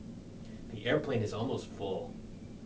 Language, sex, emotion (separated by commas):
English, male, neutral